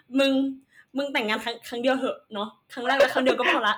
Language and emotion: Thai, happy